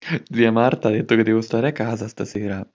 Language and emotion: Italian, happy